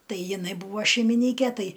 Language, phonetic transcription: Lithuanian, ˈtai jiˈnai ˈbūva šeimiˈnyke ˈtai

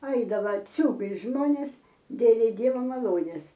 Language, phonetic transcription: Lithuanian, ˈaidava ˈciūgais ˈžmonės ˈdėlei ˈdieva maˈlonės

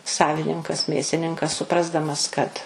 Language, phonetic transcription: Lithuanian, ˈsavininkas ˈmėsininkas suˈprasdamas kad

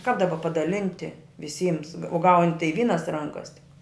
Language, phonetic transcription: Lithuanian, kap daˈba padaˈlinti viˈsyms o gaun' tai ˈvynas ˈrankas tik

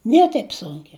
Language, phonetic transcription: Lithuanian, ˈnie taip ˈsunkia

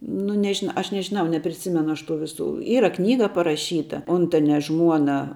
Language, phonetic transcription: Lithuanian, nu neˈžin ˈaš nežiˈnau nepriˈsimenu ˈaš tų ˈviˌsų ˈyra ˈknyga paraˈšyta ˈuntania ˈžmuona

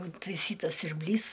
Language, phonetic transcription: Lithuanian, intaiˈsytas siurbˈlys

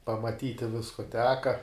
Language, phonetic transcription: Lithuanian, pamaˈtyti ˈvisku ˈteka

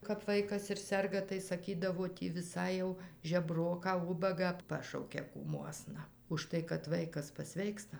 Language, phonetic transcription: Lithuanian, kap ˈvaikas ir ˈserga tai saˈkydavo ˈtį viˈsai jau žeˈbroką ˈubagą ˈpašaukia kūˈmuosna užˈtai kad ˈvaikas paˈsveiksta

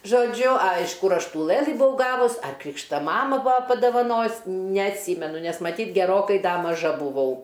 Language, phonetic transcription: Lithuanian, žoˈdžiu a iš ˈkur ˈaš ˈtų ˈlɘlɨ buˈvau ˈgavus ar ˈkrykšta ˈmama ˈbua padavaˈnojus neatˈsymenu nes maˈtyt' geˈrokai ˈda maˈža buˈvau

